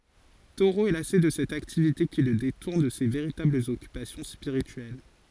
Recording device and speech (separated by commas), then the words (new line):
forehead accelerometer, read sentence
Thoreau est lassé de cette activité qui le détourne de ses véritables occupations spirituelles.